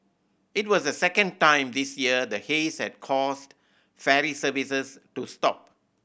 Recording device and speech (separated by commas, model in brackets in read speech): boundary microphone (BM630), read sentence